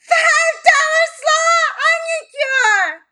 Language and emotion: English, fearful